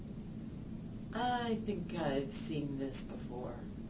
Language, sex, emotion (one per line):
English
female
neutral